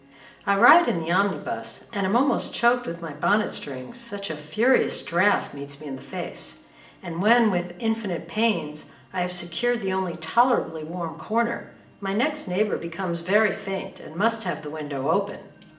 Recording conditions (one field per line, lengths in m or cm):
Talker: one person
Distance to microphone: 1.8 m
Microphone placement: close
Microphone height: 1.0 m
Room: large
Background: television